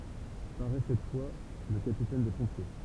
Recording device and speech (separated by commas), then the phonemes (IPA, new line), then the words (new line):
temple vibration pickup, read sentence
paʁɛ sɛt fwa lə kapitɛn de pɔ̃pje
Paraît cette fois le capitaine des pompiers.